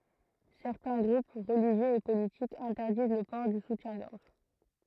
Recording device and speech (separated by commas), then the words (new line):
throat microphone, read sentence
Certains groupes religieux et politiques interdisent le port du soutien-gorge.